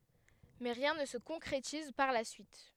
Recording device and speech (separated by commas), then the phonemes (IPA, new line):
headset microphone, read sentence
mɛ ʁjɛ̃ nə sə kɔ̃kʁetiz paʁ la syit